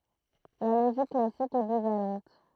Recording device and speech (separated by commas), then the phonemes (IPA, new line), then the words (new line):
throat microphone, read sentence
la loʒik klasik ɛ bivalɑ̃t
La logique classique est bivalente.